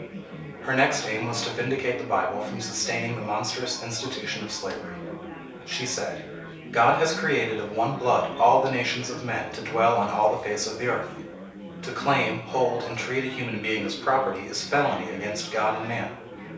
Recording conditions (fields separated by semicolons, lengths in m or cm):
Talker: one person; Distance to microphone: 3.0 m; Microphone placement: far; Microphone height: 1.8 m; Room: small (3.7 m by 2.7 m); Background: babble